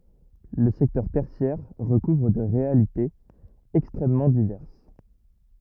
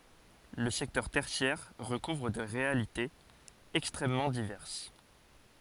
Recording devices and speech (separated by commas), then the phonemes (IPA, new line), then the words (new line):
rigid in-ear microphone, forehead accelerometer, read sentence
lə sɛktœʁ tɛʁsjɛʁ ʁəkuvʁ de ʁealitez ɛkstʁɛmmɑ̃ divɛʁs
Le secteur tertiaire recouvre des réalités extrêmement diverses.